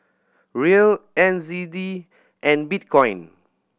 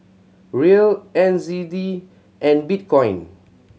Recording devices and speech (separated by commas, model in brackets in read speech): boundary microphone (BM630), mobile phone (Samsung C7100), read sentence